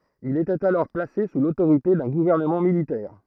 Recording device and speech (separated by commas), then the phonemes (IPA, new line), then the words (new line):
throat microphone, read sentence
il etɛt alɔʁ plase su lotoʁite dœ̃ ɡuvɛʁnəmɑ̃ militɛʁ
Il était alors placé sous l'autorité d'un gouvernement militaire.